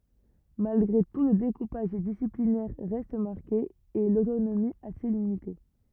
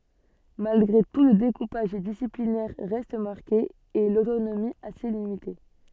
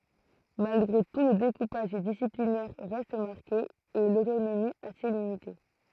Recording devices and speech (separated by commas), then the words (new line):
rigid in-ear microphone, soft in-ear microphone, throat microphone, read sentence
Malgré tout le découpage disciplinaire reste marqué et l’autonomie assez limitée.